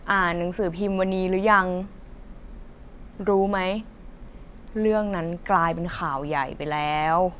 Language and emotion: Thai, neutral